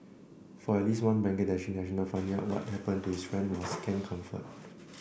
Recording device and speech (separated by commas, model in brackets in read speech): boundary microphone (BM630), read sentence